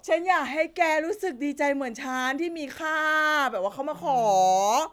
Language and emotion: Thai, frustrated